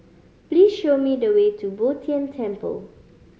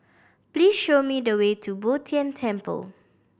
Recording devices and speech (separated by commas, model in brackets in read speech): mobile phone (Samsung C5010), boundary microphone (BM630), read sentence